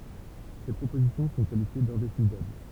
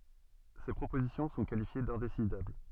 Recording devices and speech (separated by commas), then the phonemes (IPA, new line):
temple vibration pickup, soft in-ear microphone, read sentence
se pʁopozisjɔ̃ sɔ̃ kalifje dɛ̃desidabl